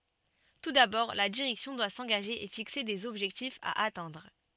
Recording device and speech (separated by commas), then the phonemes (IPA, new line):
soft in-ear microphone, read sentence
tu dabɔʁ la diʁɛksjɔ̃ dwa sɑ̃ɡaʒe e fikse dez ɔbʒɛktifz a atɛ̃dʁ